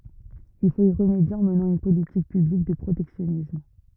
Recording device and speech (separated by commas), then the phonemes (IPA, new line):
rigid in-ear microphone, read sentence
il fot i ʁəmedje ɑ̃ mənɑ̃ yn politik pyblik də pʁotɛksjɔnism